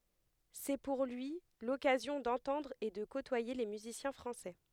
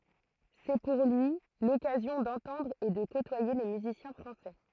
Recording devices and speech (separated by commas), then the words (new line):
headset microphone, throat microphone, read sentence
C'est pour lui l'occasion d'entendre et de côtoyer les musiciens français.